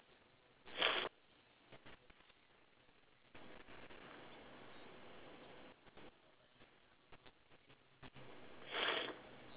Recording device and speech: telephone, conversation in separate rooms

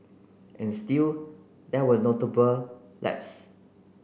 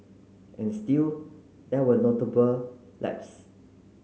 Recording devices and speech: boundary microphone (BM630), mobile phone (Samsung C9), read sentence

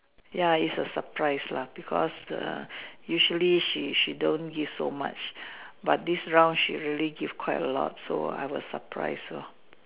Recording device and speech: telephone, conversation in separate rooms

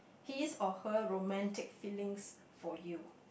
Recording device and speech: boundary microphone, conversation in the same room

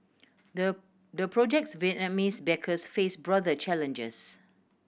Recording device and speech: boundary microphone (BM630), read sentence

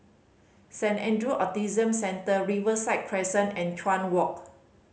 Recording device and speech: mobile phone (Samsung C5010), read sentence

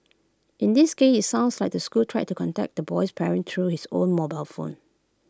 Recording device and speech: close-talking microphone (WH20), read sentence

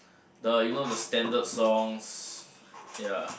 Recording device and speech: boundary microphone, conversation in the same room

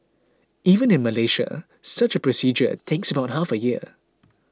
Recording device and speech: close-talking microphone (WH20), read sentence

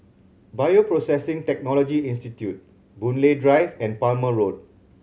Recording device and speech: mobile phone (Samsung C7100), read sentence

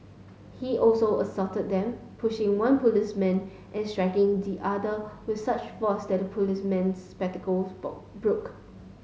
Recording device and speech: mobile phone (Samsung S8), read sentence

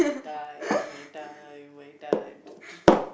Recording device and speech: boundary microphone, conversation in the same room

